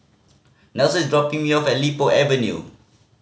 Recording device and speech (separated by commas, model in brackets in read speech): mobile phone (Samsung C5010), read sentence